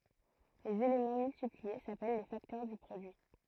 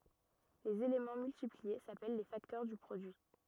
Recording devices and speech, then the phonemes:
throat microphone, rigid in-ear microphone, read sentence
lez elemɑ̃ myltiplie sapɛl le faktœʁ dy pʁodyi

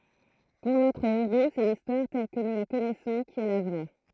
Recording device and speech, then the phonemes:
throat microphone, read sentence
puʁ notʁ eʁo sɛ listwaʁ tɛl kə nu la kɔnɛsɔ̃ ki ɛ la vʁɛ

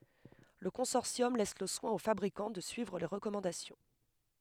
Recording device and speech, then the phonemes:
headset microphone, read sentence
lə kɔ̃sɔʁsjɔm lɛs lə swɛ̃ o fabʁikɑ̃ də syivʁ le ʁəkɔmɑ̃dasjɔ̃

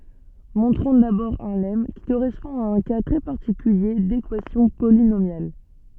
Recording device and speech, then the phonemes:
soft in-ear microphone, read sentence
mɔ̃tʁɔ̃ dabɔʁ œ̃ lɛm ki koʁɛspɔ̃ a œ̃ ka tʁɛ paʁtikylje dekwasjɔ̃ polinomjal

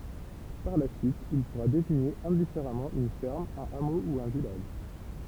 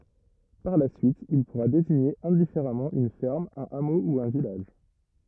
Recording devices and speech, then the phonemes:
temple vibration pickup, rigid in-ear microphone, read sentence
paʁ la syit il puʁa deziɲe ɛ̃difeʁamɑ̃ yn fɛʁm œ̃n amo u œ̃ vilaʒ

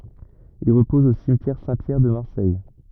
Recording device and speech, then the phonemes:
rigid in-ear microphone, read sentence
il ʁəpɔz o simtjɛʁ sɛ̃tpjɛʁ də maʁsɛj

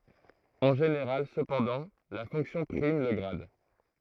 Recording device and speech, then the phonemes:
throat microphone, read sentence
ɑ̃ ʒeneʁal səpɑ̃dɑ̃ la fɔ̃ksjɔ̃ pʁim lə ɡʁad

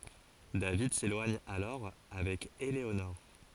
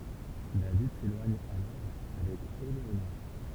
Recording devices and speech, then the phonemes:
forehead accelerometer, temple vibration pickup, read sentence
david selwaɲ alɔʁ avɛk eleonɔʁ

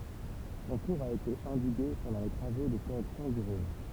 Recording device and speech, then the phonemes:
temple vibration pickup, read sentence
sɔ̃ kuʁz a ete ɑ̃diɡe pɑ̃dɑ̃ le tʁavo də koʁɛksjɔ̃ dy ʁɔ̃n

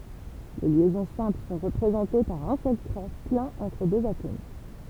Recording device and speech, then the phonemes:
temple vibration pickup, read sentence
le ljɛzɔ̃ sɛ̃pl sɔ̃ ʁəpʁezɑ̃te paʁ œ̃ sœl tʁɛ plɛ̃n ɑ̃tʁ døz atom

